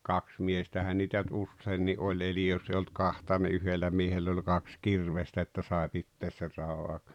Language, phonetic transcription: Finnish, kaks miestähän niitä nʸt 'usseenni ’oĺ eli joss ‿ei olt 'kahta ni 'yhellä miehell ‿oĺ 'kaks "kirvestä että 'sàe pittees ser 'rao 'àok ,.
- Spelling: kaksi miestähän niitä nyt useinkin oli eli jos ei ollut kahta niin yhdellä miehellä oli kaksi kirvestä että sai pitää sen raon auki

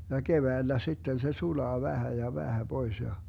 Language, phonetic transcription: Finnish, ja 'keväillä 'sitten se 'sulaa 'vähä ja 'vähä "Bois ja ,.
- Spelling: ja keväällä sitten se sulaa vähän ja vähän pois ja

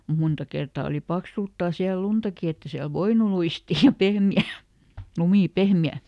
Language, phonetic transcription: Finnish, mu ˈmunta kertaa oli ˈpaksulttaa siäl̆ "luntaki ett ‿e siäl "voinu ˈluistii ja "pehmi₍ä̀ , ˈlumì ˈpehme₍ä .
- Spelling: mutta monta kertaa oli paksultaan siellä luntakin että ei siellä voinut luistia ja pehmeä lumi pehmeä

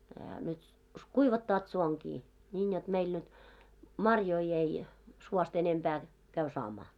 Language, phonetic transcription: Finnish, ehä nyt , 'kuivattaat 'suoŋɢi , ńiin jot meil nyt , "marjoi 'ei , suost ‿enempää , 'käy 'saamaa .
- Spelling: eihän nyt kuivattavat suonkin niin jotta meillä nyt marjoja ei suosta enempää käy saamaan

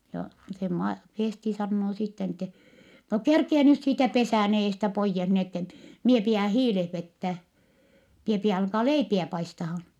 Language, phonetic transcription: Finnish, ja se Ma- , Fèsti sannoo sitte ni ‿ttɛ , » no kerkie nyt siitä pesä̀n ‿eestä poijjes ni ‿ettɛ , mie pi₍ä hiileh vettää , mie pi₍ä alkaa leipiä paistahan . »
- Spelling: ja se - Festi sanoo sitten niin että no kerkiä nyt siitä pesän edestä pois niin että minä pidän hiilet vetää minä pidän alkaa leipiä paistamaan

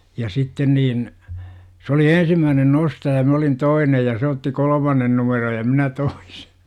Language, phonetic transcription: Finnish, ja 'sitten niin , s ‿oli "ensimmäänen 'nostaja 'mä olin "toinej ja se otti 'kol°mannen numeroj ja 'minä 'toIsE .
- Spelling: ja sitten niin se oli ensimmäinen nostaja minä olin toinen ja se otti kolmannen numeron ja minä toisen

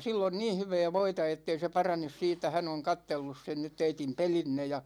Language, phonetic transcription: Finnish, 'sill ‿on "niin̬ 'hyvɛɛ 'voita ettei se 'paranes siit̆tä , 'hän ‿oŋ "kattellus sen nyt 'teitim "pelinne « ja .
- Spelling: sillä on niin hyvää voita että ei se parane siitä hän on katsellut sen nyt teidän pelinne ja

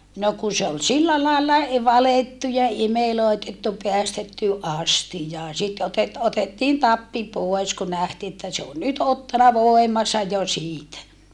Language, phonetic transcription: Finnish, no ku se ol sillä làella e valettu imelòetettu peästetty ʼastijaa sit otet- , otettiin tappi poes ku nähtii että se on nyt ottana vòemansa jo siitä .
- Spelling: no kun se oli sillä lailla - valettu imelöitetty päästetty astiaan sitten - otettiin tappi pois kun nähtiin että se on nyt ottanut voimansa jo siitä

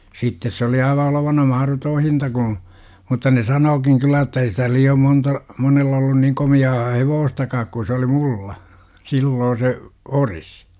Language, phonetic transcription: Finnish, 'sittes se oli aiva olovana "mahrotoo 'hinta Guṵ , mutta ne "sanookiŋ 'kyllä että ei sitä 'lii₍om 'monta , 'monell ‿ollun niŋ 'komi₍aa "hevoostakaak ku sᵉ oli "mulla , 'silloo se , "oris .
- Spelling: sitten se oli aivan olevinaan mahdoton hinta - mutta ne sanookin kyllä että ei sitä liian monta monella ollut niin komeaa hevostakaan kun se oli minulla silloin se ori

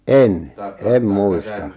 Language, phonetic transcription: Finnish, 'en , 'em "muistà ...
- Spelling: en en muista

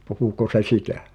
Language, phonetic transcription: Finnish, 'puhuko se "sitä ?
- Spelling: puhuiko se sitä

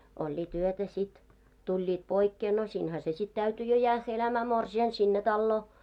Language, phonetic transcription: Finnish, 'oĺĺiit yötä sit , 'tuĺĺiit 'poikkee , no siinhä se sit 'täyty jo 'jäähhä 'elämää 'morsi₍an sinne 'talloo .
- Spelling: olivat yötä sitten tulivat poikkeen no siinähän se sitten täytyi jo jäädä elämään morsiamen sinne taloon

